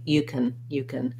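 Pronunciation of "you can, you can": In 'can', the vowel is very reduced and short, going almost straight from the k sound to the n sound, with at most a little schwa between them.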